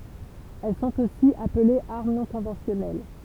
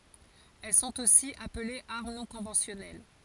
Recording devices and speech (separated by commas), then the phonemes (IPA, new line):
temple vibration pickup, forehead accelerometer, read sentence
ɛl sɔ̃t osi aplez aʁm nɔ̃ kɔ̃vɑ̃sjɔnɛl